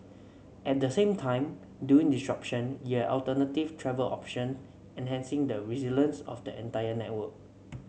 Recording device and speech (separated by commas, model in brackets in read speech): mobile phone (Samsung C7), read sentence